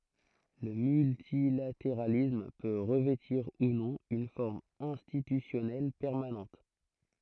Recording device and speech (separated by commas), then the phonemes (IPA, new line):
throat microphone, read sentence
lə myltilateʁalism pø ʁəvɛtiʁ u nɔ̃ yn fɔʁm ɛ̃stitysjɔnɛl pɛʁmanɑ̃t